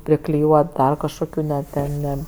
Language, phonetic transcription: Lithuanian, prikliˈjuot ˈdar kažkoˈkių ne ˈten ˈne

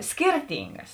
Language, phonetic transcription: Lithuanian, ˈskyrˌtingas

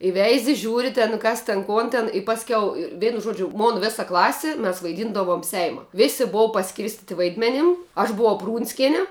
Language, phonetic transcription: Lithuanian, i ˈveizi ˈžiūri ten ˈkas tin ˈkon ten i ˈpaskiau ir ˈveinu ˈžuodžiu ˈmon ˈvisa ˈklasi mes vaiˈdyndavom ˈseima ˈvisi ˈbova paˈskirstiti ˈvaidmenim aš buˈvau ˈprūnskeni

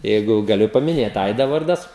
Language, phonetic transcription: Lithuanian, ˈjeigu gaˈliu pamiˈnėt ˈaida ˈvardas

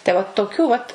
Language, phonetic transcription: Lithuanian, tai ˈvat toˈkių vat

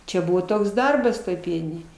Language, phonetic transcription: Lithuanian, ˈčia ˈbuvo ˈtoks ˈdarbas ˈtoj ˈpieninėj

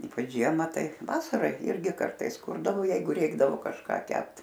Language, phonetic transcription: Lithuanian, ˈypač ˈžiema ˈtai ˈvasara ˈirgi ˈkartais ˈkurdavo ˈjeigu ˈreikdavo kažˈką ˈkept

